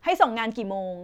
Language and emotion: Thai, angry